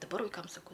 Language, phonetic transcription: Lithuanian, daˈbar vaiˈkam saˈkau

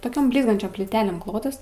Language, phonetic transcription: Lithuanian, toˈkiom ˈblyzgančiom plyˈtelėm ˈklotas

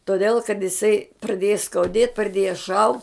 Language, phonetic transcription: Lithuanian, toˈdėl kad jiˈsai praˈdėja skauˈdėt praˈdėja šau

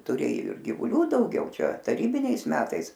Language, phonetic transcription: Lithuanian, tuˈrėjo ir givuˈlių dauˈgiau ˈčia taˈrybiniais ˈmetais

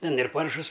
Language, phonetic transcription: Lithuanian, ˈten ir ˈparšus

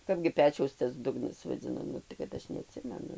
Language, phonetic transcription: Lithuanian, ˈkapgi ˈpečiaus tas ˈdugnas vaˈdzina ˈnu tai kad ˈaš neaˈtsimenu

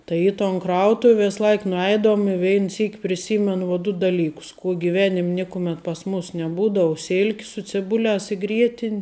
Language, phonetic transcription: Lithuanian, ˈtai į ton ˈkrautuv' ˈvės ˈlaik nuˈeidavum i ˈvein ˈsyk priˈsymenu vo ˈdu daˈlykus ˈkuo giˈvenim' ˈnikumet pas ˈmus neˈbūdavu ˈsilki su ciˈbuliās i ˈgrietin'

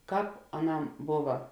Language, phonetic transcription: Lithuanian, ˈkāp aˈnam ˈbova

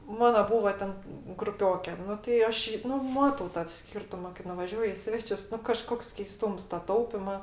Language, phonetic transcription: Lithuanian, ˈmana ˈbūva ˈten gruˈpioke ˈnu tai ˈaš ˈjį ˈnu ˈmatau ta ˈskyrtuma kai nuvaˈžiuoju i ˈsvečius ˈnu kaˈžkoks keiˈstūms ta ˈtaupima

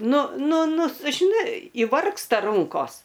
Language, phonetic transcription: Lithuanian, ˈnu ˈnu ˈnu s žiˈnai įˈvargsta ˈrunkos

